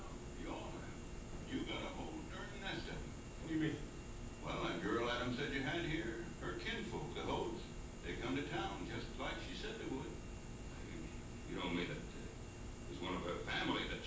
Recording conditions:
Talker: no one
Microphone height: 2.4 m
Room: large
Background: television

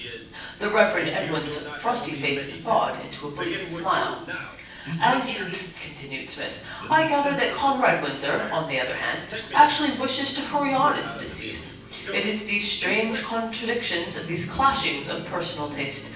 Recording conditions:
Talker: one person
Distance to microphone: 9.8 m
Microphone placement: far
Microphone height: 1.8 m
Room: large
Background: television

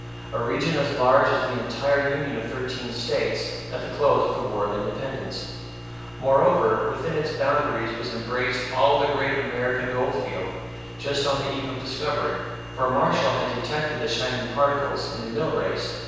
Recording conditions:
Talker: one person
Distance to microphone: 7.1 m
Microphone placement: far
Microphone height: 1.7 m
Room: very reverberant, large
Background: none

